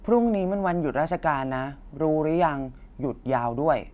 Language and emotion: Thai, neutral